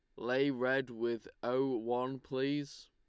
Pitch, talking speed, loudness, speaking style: 130 Hz, 135 wpm, -35 LUFS, Lombard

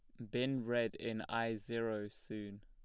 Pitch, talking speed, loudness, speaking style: 115 Hz, 160 wpm, -40 LUFS, plain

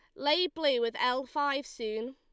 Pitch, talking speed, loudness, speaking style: 285 Hz, 185 wpm, -30 LUFS, Lombard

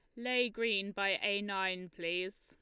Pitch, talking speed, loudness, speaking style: 200 Hz, 165 wpm, -34 LUFS, Lombard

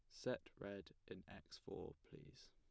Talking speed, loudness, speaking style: 155 wpm, -53 LUFS, plain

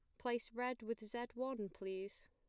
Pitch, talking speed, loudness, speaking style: 235 Hz, 170 wpm, -45 LUFS, plain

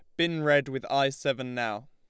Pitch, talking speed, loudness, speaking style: 140 Hz, 215 wpm, -28 LUFS, Lombard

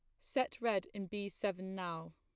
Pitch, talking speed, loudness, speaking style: 195 Hz, 185 wpm, -39 LUFS, plain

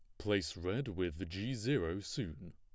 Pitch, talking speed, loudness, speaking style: 95 Hz, 155 wpm, -38 LUFS, plain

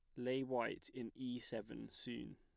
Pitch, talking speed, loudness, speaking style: 125 Hz, 165 wpm, -45 LUFS, plain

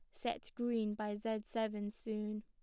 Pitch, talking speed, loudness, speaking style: 215 Hz, 160 wpm, -40 LUFS, plain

